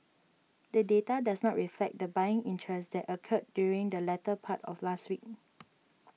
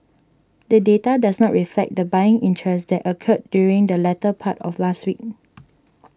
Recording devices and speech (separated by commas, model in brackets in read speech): mobile phone (iPhone 6), standing microphone (AKG C214), read sentence